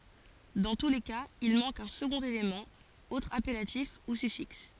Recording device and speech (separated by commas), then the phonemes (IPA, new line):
forehead accelerometer, read sentence
dɑ̃ tu le kaz il mɑ̃k œ̃ səɡɔ̃t elemɑ̃ otʁ apɛlatif u syfiks